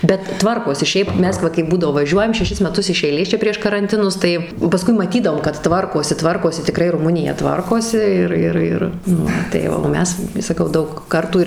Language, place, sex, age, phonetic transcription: Lithuanian, Suvalkija, female, 18-60, bet ˈtvarkosi ˈšiaip ˈmes ˈva kaip ˈbūdavo vaˈžiuojam šeˈšis meˈtus iš ˈeilės ˈčia prieš karanˈtinus ˈtai paˈskui maˈtydavom kad ˈtvarkosi ˈtvarkosi tiˈkrai ruˈmunija ˈtvarkosi ˈir ˈir ˈir ˈnu tai o ˈmes saˈkau ˈdaug ˈkartų ir

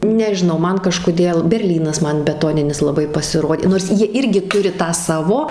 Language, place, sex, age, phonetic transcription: Lithuanian, Suvalkija, female, 18-60, nežiˈnau ˈman kažkoˈdėl berˈlynas ˈman beˈtoninis laˈbai pasiˈrodė nors ˈjie ˈirgi ˈturi ˈtą ˈsavo

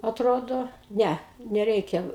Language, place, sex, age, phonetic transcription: Lithuanian, Aukštaitija, female, 60+, atˈrodo ˈne neˈreikia

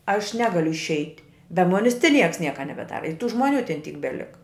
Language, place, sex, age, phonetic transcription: Lithuanian, Žemaitija, female, 60+, aš ˈnegaliu išˈeit' be ˈmonis ˈti ˈnieks ˈnieka nebeˈdara i tų ˈžmoˌnių ten ˈtyk beˈlika

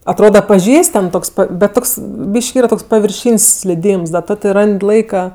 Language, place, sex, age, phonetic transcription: Lithuanian, Aukštaitija, female, 18-60, atˈroda paˈžįst' ten ˈtoks pat bet ˈtoks ˈbyški ˈyra ˈtoks pavirˈšyn's' sliˈdyms da ˈto ti ˈran'd' ˈlaika

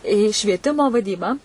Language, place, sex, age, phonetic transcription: Lithuanian, Suvalkija, female, 18-60, į švieˈtimo vaˈdybą

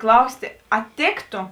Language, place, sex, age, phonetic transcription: Lithuanian, Žemaitija, female, 18-60, ˈklaustė ˈa ˈtėkto

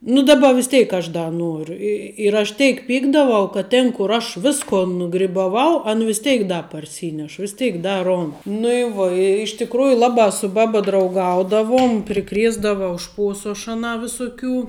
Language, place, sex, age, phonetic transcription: Lithuanian, Žemaitija, female, 18-60, nu ˈdaˌba vis ˈtėik aš ˈda ˈnuoru i ir aš ˈtėik ˈpykdavau kad ˈtėn kur ˈaš ˈvisko nugribaˈvau an vis ˈteik ˈda parˈsyneš vis ˈtėik ˈda ˈrond nu i ˈvuo i iš tikˈrųju ˈlabā su ˈbaba drauˈgaudavuom priˈkriesdavau ˈšpuosu aš aˈnā visuˈkių

